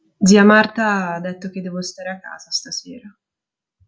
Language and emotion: Italian, sad